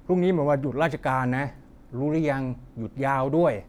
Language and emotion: Thai, neutral